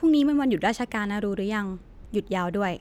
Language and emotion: Thai, neutral